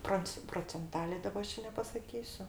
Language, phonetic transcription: Lithuanian, ˈpronc procenˈtalė ˈdaba ˈaš čia nepasaˈkysiu

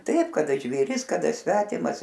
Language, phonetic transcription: Lithuanian, ˈtaip kaˈda žvėˈris kaˈda ˈsvetimas

